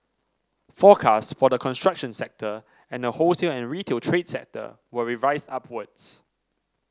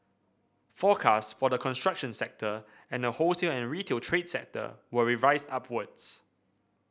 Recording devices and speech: standing microphone (AKG C214), boundary microphone (BM630), read sentence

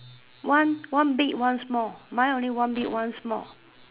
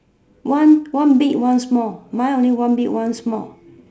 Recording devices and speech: telephone, standing microphone, conversation in separate rooms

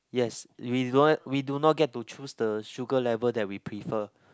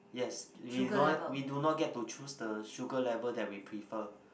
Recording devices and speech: close-talking microphone, boundary microphone, conversation in the same room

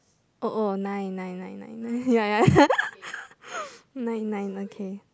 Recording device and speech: close-talking microphone, conversation in the same room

